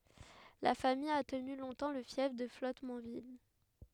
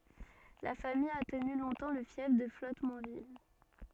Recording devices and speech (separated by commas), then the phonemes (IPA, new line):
headset microphone, soft in-ear microphone, read sentence
la famij a təny lɔ̃tɑ̃ lə fjɛf də flɔtmɑ̃vil